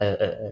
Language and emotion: Thai, neutral